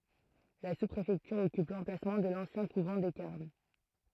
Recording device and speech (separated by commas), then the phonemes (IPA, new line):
throat microphone, read sentence
la suspʁefɛktyʁ ɔkyp lɑ̃plasmɑ̃ də lɑ̃sjɛ̃ kuvɑ̃ de kaʁm